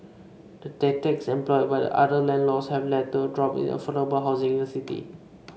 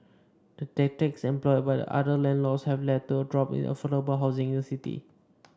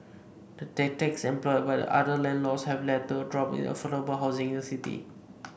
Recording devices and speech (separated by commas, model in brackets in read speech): mobile phone (Samsung C5), standing microphone (AKG C214), boundary microphone (BM630), read sentence